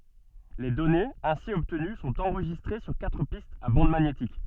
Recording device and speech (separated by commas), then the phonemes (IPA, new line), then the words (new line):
soft in-ear microphone, read sentence
le dɔnez ɛ̃si ɔbtəny sɔ̃t ɑ̃ʁʒistʁe syʁ katʁ pistz a bɑ̃d maɲetik
Les données ainsi obtenues sont enregistrées sur quatre pistes à bande magnétique.